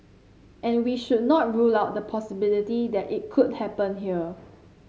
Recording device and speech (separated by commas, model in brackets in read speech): mobile phone (Samsung C7), read sentence